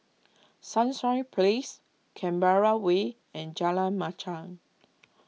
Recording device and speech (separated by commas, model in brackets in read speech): mobile phone (iPhone 6), read sentence